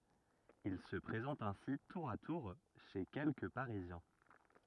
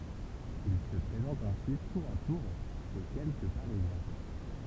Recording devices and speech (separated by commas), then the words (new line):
rigid in-ear microphone, temple vibration pickup, read sentence
Il se présente ainsi tour à tour chez quelques parisiens.